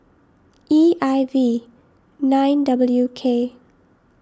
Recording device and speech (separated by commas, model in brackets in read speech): standing microphone (AKG C214), read sentence